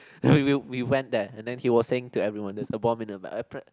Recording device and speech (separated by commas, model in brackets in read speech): close-talking microphone, conversation in the same room